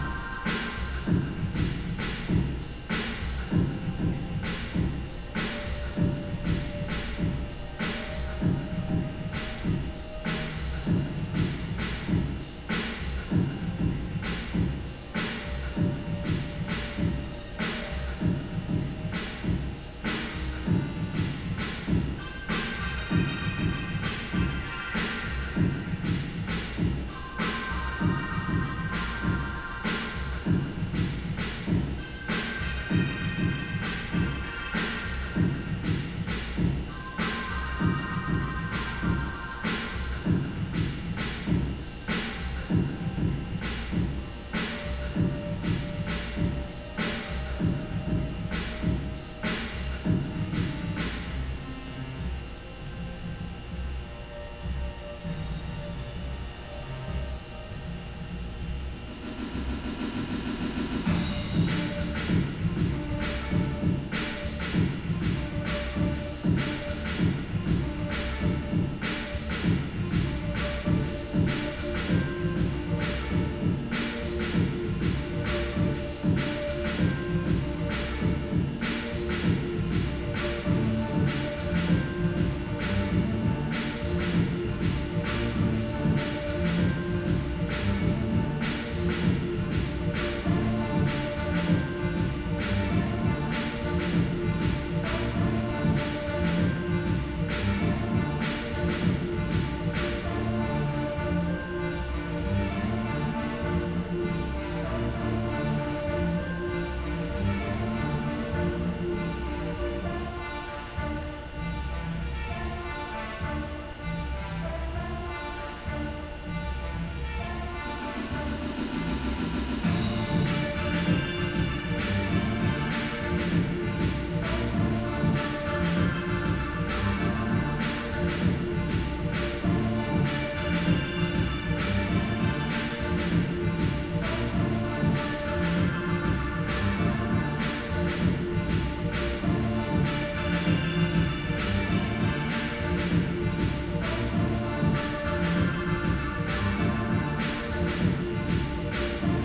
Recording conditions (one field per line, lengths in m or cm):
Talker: no one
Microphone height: 3.2 m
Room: very reverberant, large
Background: music